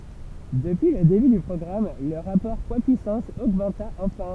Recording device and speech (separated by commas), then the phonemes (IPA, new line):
temple vibration pickup, read sentence
dəpyi lə deby dy pʁɔɡʁam lə ʁapɔʁ pwadspyisɑ̃s oɡmɑ̃ta ɑ̃fɛ̃